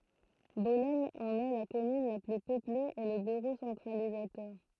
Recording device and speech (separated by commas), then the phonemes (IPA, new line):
throat microphone, read sentence
bɔlɛn ɑ̃n ɛ la kɔmyn la ply pøple e lə byʁo sɑ̃tʁalizatœʁ